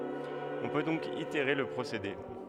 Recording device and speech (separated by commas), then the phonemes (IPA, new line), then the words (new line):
headset microphone, read sentence
ɔ̃ pø dɔ̃k iteʁe lə pʁosede
On peut donc itérer le procédé.